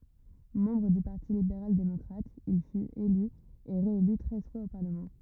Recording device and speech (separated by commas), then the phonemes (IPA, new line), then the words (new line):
rigid in-ear microphone, read sentence
mɑ̃bʁ dy paʁti libeʁal demɔkʁat il fyt ely e ʁeely tʁɛz fwaz o paʁləmɑ̃
Membre du Parti libéral démocrate, il fut, élu et réélu treize fois au parlement.